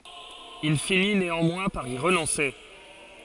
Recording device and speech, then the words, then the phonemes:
forehead accelerometer, read sentence
Il finit néanmoins par y renoncer.
il fini neɑ̃mwɛ̃ paʁ i ʁənɔ̃se

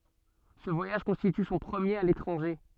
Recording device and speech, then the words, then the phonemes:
soft in-ear microphone, read sentence
Ce voyage constitue son premier à l’étranger.
sə vwajaʒ kɔ̃stity sɔ̃ pʁəmjeʁ a letʁɑ̃ʒe

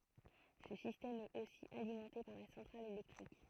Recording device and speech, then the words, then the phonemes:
throat microphone, read sentence
Ce système est aussi alimenté par la centrale électrique.
sə sistɛm ɛt osi alimɑ̃te paʁ la sɑ̃tʁal elɛktʁik

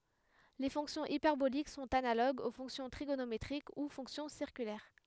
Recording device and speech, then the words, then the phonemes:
headset microphone, read sentence
Les fonctions hyperboliques sont analogues aux fonctions trigonométriques ou fonctions circulaires.
le fɔ̃ksjɔ̃z ipɛʁbolik sɔ̃t analoɡz o fɔ̃ksjɔ̃ tʁiɡonometʁik u fɔ̃ksjɔ̃ siʁkylɛʁ

